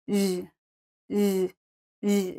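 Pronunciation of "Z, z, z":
This is the last sound of 'garage', said on its own. It is a very French-sounding sound, voiced, with the air flowing through as the vocal cords vibrate.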